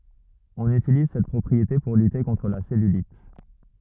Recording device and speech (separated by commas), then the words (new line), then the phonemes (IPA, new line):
rigid in-ear microphone, read sentence
On utilise cette propriété pour lutter contre la cellulite.
ɔ̃n ytiliz sɛt pʁɔpʁiete puʁ lyte kɔ̃tʁ la sɛlylit